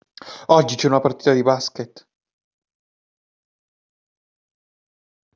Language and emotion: Italian, fearful